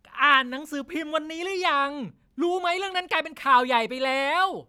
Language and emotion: Thai, angry